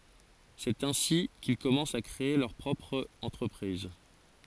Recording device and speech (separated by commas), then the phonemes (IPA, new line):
forehead accelerometer, read sentence
sɛt ɛ̃si kil kɔmɑ̃st a kʁee lœʁ pʁɔpʁ ɑ̃tʁəpʁiz